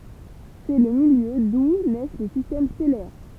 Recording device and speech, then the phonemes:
temple vibration pickup, read sentence
sɛ lə miljø du nɛs le sistɛm stɛlɛʁ

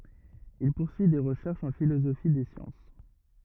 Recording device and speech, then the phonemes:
rigid in-ear microphone, read sentence
il puʁsyi de ʁəʃɛʁʃz ɑ̃ filozofi de sjɑ̃s

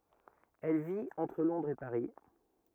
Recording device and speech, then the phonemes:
rigid in-ear microphone, read sentence
ɛl vit ɑ̃tʁ lɔ̃dʁz e paʁi

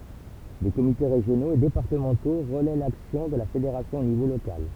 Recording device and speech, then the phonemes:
temple vibration pickup, read sentence
de komite ʁeʒjonoz e depaʁtəmɑ̃to ʁəlɛ laksjɔ̃ də la fedeʁasjɔ̃ o nivo lokal

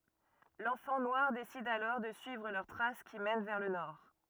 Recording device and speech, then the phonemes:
rigid in-ear microphone, read sentence
lɑ̃fɑ̃ nwaʁ desid alɔʁ də syivʁ lœʁ tʁas ki mɛn vɛʁ lə nɔʁ

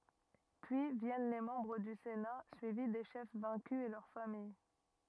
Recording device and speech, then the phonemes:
rigid in-ear microphone, read sentence
pyi vjɛn le mɑ̃bʁ dy sena syivi de ʃɛf vɛ̃ky e lœʁ famij

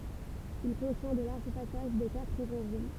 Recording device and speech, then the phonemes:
temple vibration pickup, read sentence
il kɔ̃tjɛ̃ də laʁʒ pasaʒ de katʁ evɑ̃ʒil

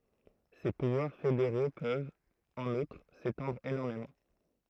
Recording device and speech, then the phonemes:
throat microphone, read sentence
se puvwaʁ fedeʁo pøvt ɑ̃n utʁ setɑ̃dʁ enɔʁmemɑ̃

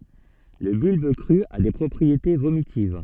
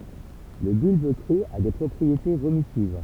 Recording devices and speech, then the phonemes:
soft in-ear microphone, temple vibration pickup, read sentence
lə bylb kʁy a de pʁɔpʁiete vomitiv

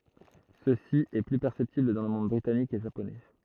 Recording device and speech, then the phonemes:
throat microphone, read sentence
səsi ɛ ply pɛʁsɛptibl dɑ̃ lə mɔ̃d bʁitanik e ʒaponɛ

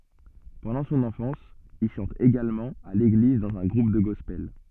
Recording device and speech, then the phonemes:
soft in-ear microphone, read sentence
pɑ̃dɑ̃ sɔ̃n ɑ̃fɑ̃s il ʃɑ̃t eɡalmɑ̃ a leɡliz dɑ̃z œ̃ ɡʁup də ɡɔspɛl

